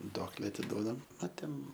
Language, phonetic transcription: Lithuanian, ˈduokle atiˈduodam a ˈten

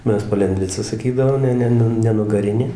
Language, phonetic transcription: Lithuanian, ˈmes palenˈdvica saˈkydavom ˈne ˈne ne nugaˈrinė

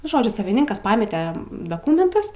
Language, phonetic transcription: Lithuanian, ˈnu ˈžodžiu saviˈninkas ˈpamete daˈkūmentus

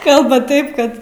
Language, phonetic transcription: Lithuanian, ˈkalbaˈtaip ˈkad

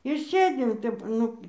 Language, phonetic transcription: Lithuanian, ir ˈsėdim ˈtep ˈnu

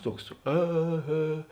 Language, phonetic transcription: Lithuanian, ˈtuoks ˈė ˈhė

